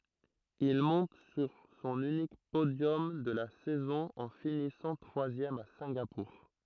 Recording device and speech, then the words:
throat microphone, read sentence
Il monte sur son unique podium de la saison en finissant troisième à Singapour.

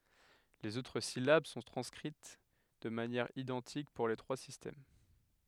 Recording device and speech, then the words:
headset microphone, read sentence
Les autres syllabes sont transcrites de manière identique pour les trois systèmes.

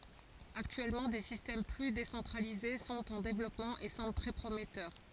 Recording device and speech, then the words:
forehead accelerometer, read sentence
Actuellement, des systèmes plus décentralisés sont en développement et semblent très prometteurs.

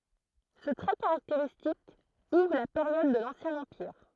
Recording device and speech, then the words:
throat microphone, read sentence
Ce trait caractéristique ouvre la période de l'Ancien Empire.

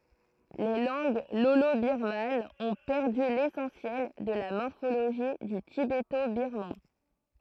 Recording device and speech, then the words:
throat microphone, read sentence
Les langues lolo-birmanes ont perdu l'essentiel de la morphologie du tibéto-birman.

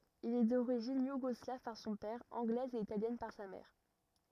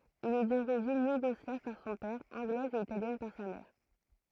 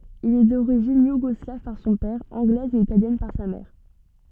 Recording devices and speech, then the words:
rigid in-ear microphone, throat microphone, soft in-ear microphone, read sentence
Il est d'origine yougoslave par son père, anglaise et italienne par sa mère.

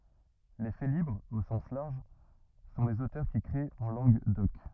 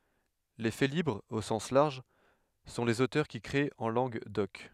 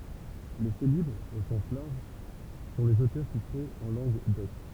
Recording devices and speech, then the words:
rigid in-ear microphone, headset microphone, temple vibration pickup, read sentence
Les félibres, au sens large, sont les auteurs qui créent en langue d'oc.

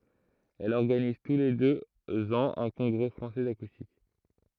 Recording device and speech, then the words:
throat microphone, read sentence
Elle organise tous les deux ans un Congrès Français d'Acoustique.

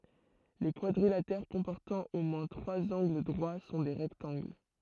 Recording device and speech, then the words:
throat microphone, read sentence
Les quadrilatères comportant au moins trois angles droits sont les rectangles.

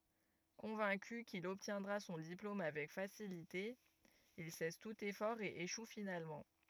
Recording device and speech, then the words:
rigid in-ear microphone, read sentence
Convaincu qu'il obtiendra son diplôme avec facilité, il cesse tout effort et échoue finalement.

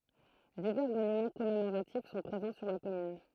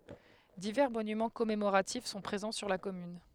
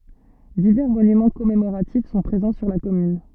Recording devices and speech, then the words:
throat microphone, headset microphone, soft in-ear microphone, read sentence
Divers monuments commémoratifs sont présents sur la commune.

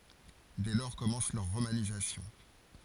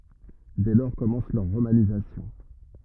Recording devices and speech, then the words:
forehead accelerometer, rigid in-ear microphone, read sentence
Dès lors commence leur romanisation.

